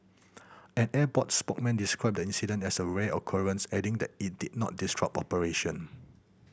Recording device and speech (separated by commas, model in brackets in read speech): boundary microphone (BM630), read sentence